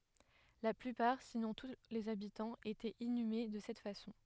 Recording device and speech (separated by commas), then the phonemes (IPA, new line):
headset microphone, read sentence
la plypaʁ sinɔ̃ tu lez abitɑ̃z etɛt inyme də sɛt fasɔ̃